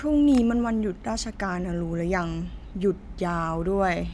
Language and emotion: Thai, frustrated